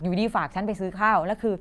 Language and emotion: Thai, frustrated